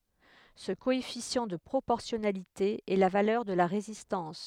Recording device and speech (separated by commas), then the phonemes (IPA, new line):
headset microphone, read sentence
sə koɛfisjɑ̃ də pʁopɔʁsjɔnalite ɛ la valœʁ də la ʁezistɑ̃s